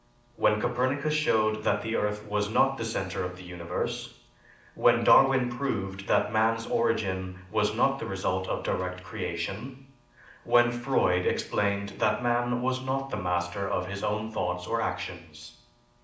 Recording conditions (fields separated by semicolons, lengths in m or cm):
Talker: one person; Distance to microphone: 2.0 m; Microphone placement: close; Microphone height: 99 cm; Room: medium-sized (5.7 m by 4.0 m); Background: none